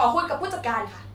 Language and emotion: Thai, angry